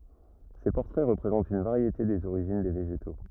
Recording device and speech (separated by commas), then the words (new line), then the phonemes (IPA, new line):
rigid in-ear microphone, read sentence
Ces portraits représentent une variété des origines des végétaux.
se pɔʁtʁɛ ʁəpʁezɑ̃tt yn vaʁjete dez oʁiʒin de veʒeto